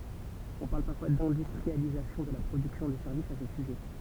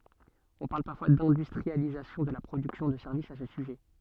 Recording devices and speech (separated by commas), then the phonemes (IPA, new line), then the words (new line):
temple vibration pickup, soft in-ear microphone, read sentence
ɔ̃ paʁl paʁfwa dɛ̃dystʁializasjɔ̃ də la pʁodyksjɔ̃ də sɛʁvisz a sə syʒɛ
On parle parfois d'industrialisation de la production de services à ce sujet.